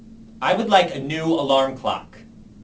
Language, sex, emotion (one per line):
English
male
angry